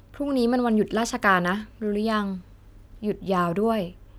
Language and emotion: Thai, neutral